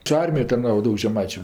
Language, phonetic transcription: Lithuanian, čia ˈarmijoj tarˈnavo ˈdaug žeˈmaičiu

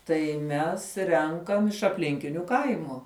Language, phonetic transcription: Lithuanian, tai ˈmes ˈrenkam iš apˈlinkiniu ˈkaimu

